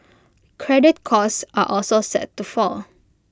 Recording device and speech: close-talking microphone (WH20), read sentence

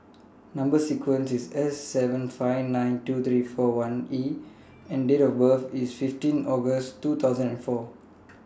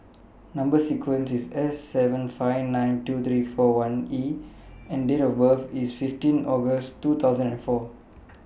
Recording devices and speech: standing microphone (AKG C214), boundary microphone (BM630), read sentence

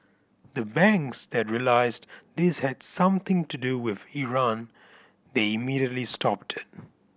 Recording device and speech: boundary microphone (BM630), read sentence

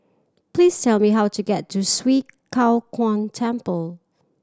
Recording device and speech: standing microphone (AKG C214), read sentence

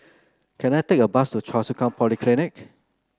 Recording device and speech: close-talking microphone (WH30), read sentence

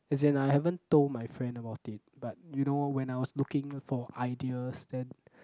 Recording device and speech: close-talking microphone, conversation in the same room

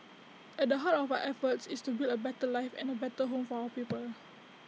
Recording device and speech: mobile phone (iPhone 6), read sentence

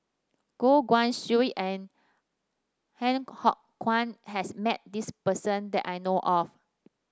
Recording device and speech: standing microphone (AKG C214), read sentence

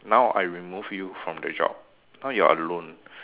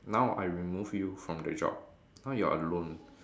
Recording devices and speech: telephone, standing microphone, conversation in separate rooms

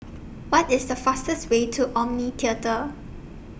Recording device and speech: boundary microphone (BM630), read sentence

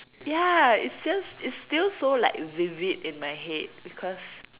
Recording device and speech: telephone, conversation in separate rooms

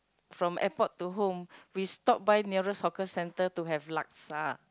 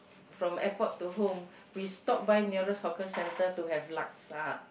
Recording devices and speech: close-talking microphone, boundary microphone, conversation in the same room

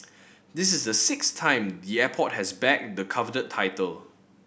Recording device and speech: boundary microphone (BM630), read sentence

